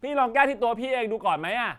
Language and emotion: Thai, angry